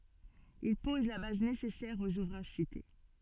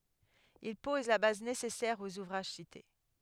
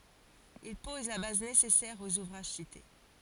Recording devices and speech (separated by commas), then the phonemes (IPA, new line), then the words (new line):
soft in-ear microphone, headset microphone, forehead accelerometer, read sentence
il pɔz la baz nesɛsɛʁ oz uvʁaʒ site
Il pose la base nécessaire aux ouvrages cités.